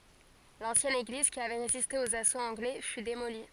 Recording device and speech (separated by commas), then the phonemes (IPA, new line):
forehead accelerometer, read sentence
lɑ̃sjɛn eɡliz ki avɛ ʁeziste oz asoz ɑ̃ɡlɛ fy demoli